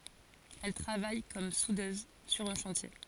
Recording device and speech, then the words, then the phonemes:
forehead accelerometer, read sentence
Elle travaille comme soudeuse sur un chantier.
ɛl tʁavaj kɔm sudøz syʁ œ̃ ʃɑ̃tje

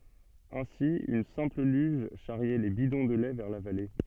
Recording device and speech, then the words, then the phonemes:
soft in-ear microphone, read sentence
Ainsi une simple luge charriait les bidons de lait vers la vallée.
ɛ̃si yn sɛ̃pl lyʒ ʃaʁjɛ le bidɔ̃ də lɛ vɛʁ la vale

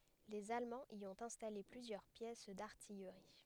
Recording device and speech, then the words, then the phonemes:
headset microphone, read sentence
Les Allemands y ont installé plusieurs pièces d'artillerie.
lez almɑ̃z i ɔ̃t ɛ̃stale plyzjœʁ pjɛs daʁtijʁi

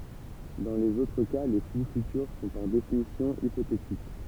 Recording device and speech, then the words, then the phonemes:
temple vibration pickup, read sentence
Dans les autres cas, les flux futurs sont par définition hypothétiques.
dɑ̃ lez otʁ ka le fly fytyʁ sɔ̃ paʁ definisjɔ̃ ipotetik

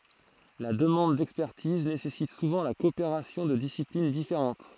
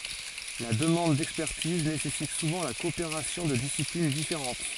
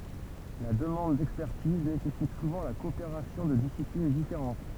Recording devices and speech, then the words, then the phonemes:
throat microphone, forehead accelerometer, temple vibration pickup, read sentence
La demande d'expertise nécessite souvent la coopération de disciplines différentes.
la dəmɑ̃d dɛkspɛʁtiz nesɛsit suvɑ̃ la kɔopeʁasjɔ̃ də disiplin difeʁɑ̃t

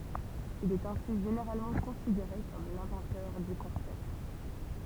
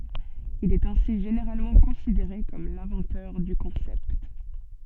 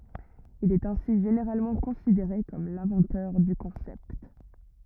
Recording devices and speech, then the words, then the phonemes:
temple vibration pickup, soft in-ear microphone, rigid in-ear microphone, read sentence
Il est ainsi généralement considéré comme l'inventeur du concept.
il ɛt ɛ̃si ʒeneʁalmɑ̃ kɔ̃sideʁe kɔm lɛ̃vɑ̃tœʁ dy kɔ̃sɛpt

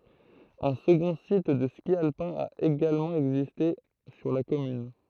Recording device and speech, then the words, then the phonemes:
throat microphone, read sentence
Un second site de ski alpin a également existé sur la commune.
œ̃ səɡɔ̃ sit də ski alpɛ̃ a eɡalmɑ̃ ɛɡziste syʁ la kɔmyn

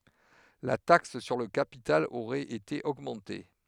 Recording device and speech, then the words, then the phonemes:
headset microphone, read sentence
La taxe sur le capital aurait été augmenté.
la taks syʁ lə kapital oʁɛt ete oɡmɑ̃te

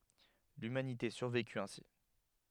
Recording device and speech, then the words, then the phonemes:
headset microphone, read sentence
L'humanité survécut ainsi.
lymanite syʁvekyt ɛ̃si

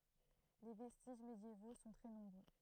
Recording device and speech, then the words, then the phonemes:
throat microphone, read sentence
Les vestiges médiévaux sont très nombreux.
le vɛstiʒ medjevo sɔ̃ tʁɛ nɔ̃bʁø

